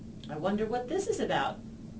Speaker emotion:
neutral